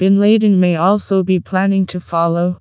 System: TTS, vocoder